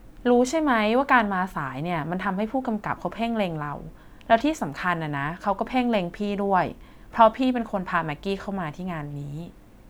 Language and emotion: Thai, neutral